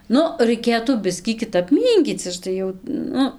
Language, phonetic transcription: Lithuanian, ˈnu raiˈkėtų ˈbiskį kiˈtap ˈmynkyc ˈaš tai jau ˈnu

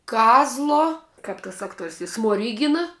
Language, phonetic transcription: Lithuanian, ˈkazlo ˈkap tas ˈakˌtuor's' i smoˈrygina

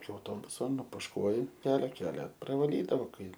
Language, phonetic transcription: Lithuanian, iki auˈtobuso nupušˈkuoji per ˈkelia pravaˈlydavo ˈkai

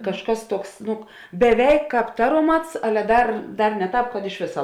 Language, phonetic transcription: Lithuanian, kažˈkas ˈtuoks ˈnu beˈveik ˈkāp ˈtaroˌmats ˈale ˈdar ˈdar ne ˈtāp kad iš ˈvėsa

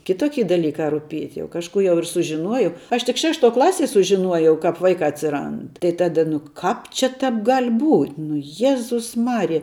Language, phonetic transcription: Lithuanian, kiˈtoki daˈlyka ruˈpiet' jau kažˈkų jau ir sužiˈnuojau ˈaš tik ˈšešˌtuo ˈklasie sužiˈnuojau ˈkap ˈvaikā atsiˈrand tai ˈtada nu ˈkāp čia ˈtap gal' būt' nu ˈjezus ˈmarija

